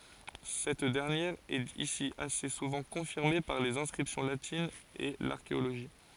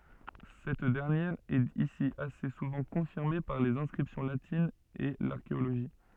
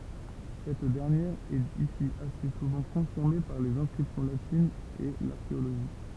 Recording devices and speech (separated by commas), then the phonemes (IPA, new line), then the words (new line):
forehead accelerometer, soft in-ear microphone, temple vibration pickup, read sentence
sɛt dɛʁnjɛʁ ɛt isi ase suvɑ̃ kɔ̃fiʁme paʁ lez ɛ̃skʁipsjɔ̃ latinz e laʁkeoloʒi
Cette dernière est ici assez souvent confirmée par les inscriptions latines et l'archéologie.